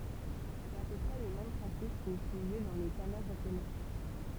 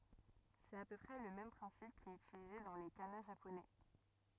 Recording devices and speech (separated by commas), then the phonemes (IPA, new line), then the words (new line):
temple vibration pickup, rigid in-ear microphone, read sentence
sɛt a pø pʁɛ lə mɛm pʁɛ̃sip ki ɛt ytilize dɑ̃ le kana ʒaponɛ
C'est à peu près le même principe qui est utilisé dans les kana japonais.